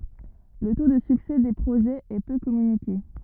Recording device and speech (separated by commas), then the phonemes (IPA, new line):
rigid in-ear microphone, read sentence
lə to də syksɛ de pʁoʒɛz ɛ pø kɔmynike